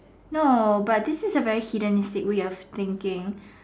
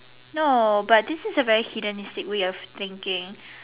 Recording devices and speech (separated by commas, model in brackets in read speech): standing microphone, telephone, conversation in separate rooms